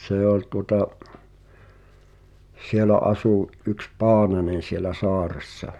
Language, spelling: Finnish, se oli tuota siellä asui yksi Paananen siellä saaressa
- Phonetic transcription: 'see ‿oĺ tuŏta , 'sielä 'asù’ , ’yks "Paananen̬ sielä 'sɔaressa .

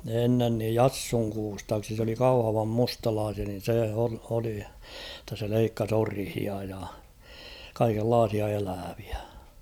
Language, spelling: Finnish, ennen niin Jassun Kustaaksi se oli Kauhavan mustalaisia niin se oli jotta se leikkasi orhia ja kaikenlaisia eläviä
- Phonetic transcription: ennen niij "Jassuŋ 'Kuustaaksi s ‿oli 'Kauhavam "mustalaasia nin̬ se oli , [jot]ta se 'leikkas "orhia ja , 'kaikel'laasia elääᴠɪᴀ̈ .

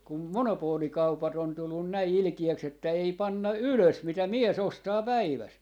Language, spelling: Finnish, kun monopoolikaupat on tullut näin ilkeäksi että ei panna ylös mitä mies ostaa päivässä
- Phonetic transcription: 'kum "monopoolikaupat ‿on 'tullun 'näi "ilkijäks ‿että ei 'panna "ylös 'mitä "mie's ‿ostaa "päiväs .

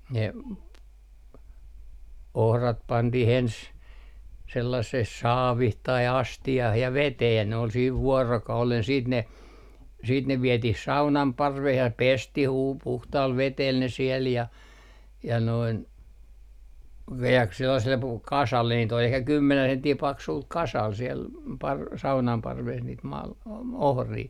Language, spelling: Finnish, ne ohrat pantiin ensin sellaiseen saaviin tai astiaan ja veteen ja ne oli siinä vuorokauden sitten ne sitten ne vietiin saunan parveen ja pestiin - puhtaalla vedellä ne siellä ja ja noin - sellaiselle - kasalle niitä oli ehkä kymmenen senttiä paksulla kasalla siellä - saunan parvessa niitä - ohria
- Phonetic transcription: ne , "ohrat 'pantih 'ens , 'sellasseh "saavih tai "asti₍ah ja "vetee ja ne ol siiv 'vuorokaulen siit ne , siit ne 'vietih "saunam 'parveh ja 'pestih uu - 'puhtaal 'vetel ne siel ja , ja noin , "ve₍äks 'sellasel pu- , 'kasalle niit ‿ol ehkä 'kymmenän 'senttii "paksul 'kasal siel , par- , "saunam 'parves niit 'mal- , "ohrii .

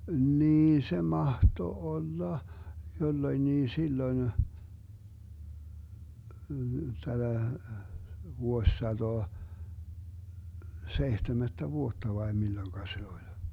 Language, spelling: Finnish, niin se mahtoi olla jolloinkin silloin tätä vuosisataa seitsemättä vuotta vai milloin se oli
- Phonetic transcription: 'niin 'se 'mahto 'olla , 'jolloⁱnnii 'silloⁱn , 'täDä , 'vuossatoa , 'seihtemättä "vuotta vai 'milloⁱŋka 'se oĺ .

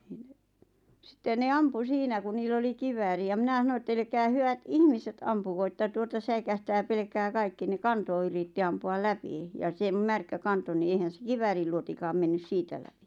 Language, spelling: Finnish, niin sitten ne ampui siinä kun niillä oli kivääri ja minä sanoin että älkää hyvät ihmiset ampuko että tuota säikähtää pelkää kaikki ne kantoi yritti ampua läpi ja sen märkä kantoi niin eihän se kiväärinluotikaan mennyt siitä läpi
- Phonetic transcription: ⁿⁱⁿ sⁱtte ne 'ampu 'siinä ku 'niil ‿oli 'kivääri ja 'mⁱnä sano ett » elᵉkää 'hyʷät "ihmiset 'ampuko että 'tuota säikähtää pelʿᵉʾkää 'kaikki « ne "kanto yritti 'ampu₍al "läpi , ja sem 'märkä 'kanto ni 'eihän̬ se "kiväärilluotikaam 'mennys "siitä läpɪ .

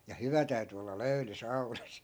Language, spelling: Finnish, ja hyvä täytyi olla löyly saunassa
- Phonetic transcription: ja 'hyvä täy̬ty olla "löy̬ly 'sau̬nas .

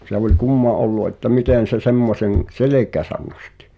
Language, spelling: Finnish, se oli kumma ollut että miten se semmoisen selkäänsä nosti
- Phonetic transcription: se ‿o̭ĺ "kumma ’ollu ’että 'mitèn̬ se 'semmoseŋ , "selek̀ääsän nostɪ .

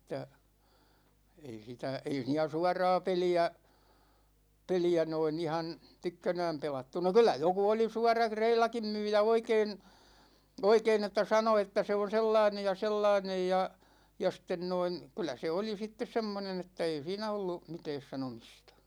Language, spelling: Finnish, että ei sitä ei siinä suoraa peliä peliä noin ihan tykkänään pelattu no kyllä joku oli suorakin reilakin myyjä oikein oikein että sanoi että se on sellainen ja sellainen ja ja sitten noin kyllä se oli sitten semmoinen että ei siinä ollut mitään sanomista
- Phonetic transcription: 'että , 'ei sitä , ei siinä "suaraa 'peli₍ä , 'peli₍ä noin ‿ihan̬ , "tykkänääm 'pelattu no kyl̆lä 'joku oli 'suarak[i] "reilakim 'myyjä oikeen̬ , 'oikeen ‿että 'sano että 'se on̬ "sellainej ja "sellainej ja , ja sten 'noin̬ , 'kyl̆lä se 'oli sittes 'semmonen ‿että 'ei siinä 'ollu , 'mitɛɛs sanomistA .

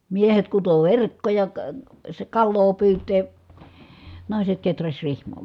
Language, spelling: Finnish, miehet kutoi verkkoja - - kalaa pyytää naiset kehräsi rihmoja
- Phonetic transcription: miehet kuto verkkoja ka- , sᵉ kalloo pyyt̀ee , nài̮set keträś rihm̀ò .

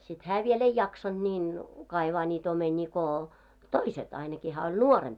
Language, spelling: Finnish, sitten hän vielä ei jaksanut niin kaivaa niitä omenia kun toiset ainakin hän oli nuorempi
- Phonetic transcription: sit "hää 'vie'l ‿ei 'jaksanᴅ niin , 'kaivaa 'ńiit ‿omeńii ko , "toiset , ainaki 'hää oĺ "nuoremp .

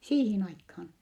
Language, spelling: Finnish, siihen aikaan
- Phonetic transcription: siihin aikhaan .

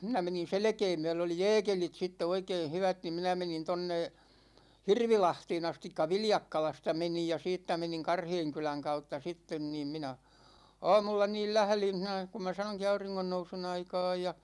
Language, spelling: Finnish, minä menin selkää myöden oli jääkelit sitten oikein hyvät niin minä menin tuonne Hirvilahteen asti Viljakkalasta menin ja siitä menin Karheenkylän kautta sitten niin minä aamulla niin lähdin siinä kun minä sanoinkin auringonnousun aikaan ja
- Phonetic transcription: 'minä menin̬ "selᵉkee 'myɛ#lö oli "jɛɛkelit sitte 'oikeeʰ 'hyvät ni 'minä 'menin 'tonne , "Hirvilahtee'n ‿astikka "Viljakkalasta 'menij ja 'siittä meniŋ "Karheeŋkyläŋ 'kautta sitten niim 'mina̳§ , 'aamulla niil "lählin̬ hinä , ku mä 'sanoŋki 'auriŋŋonnousun 'aikaaj ja ,.

